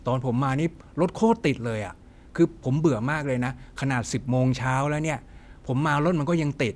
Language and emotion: Thai, frustrated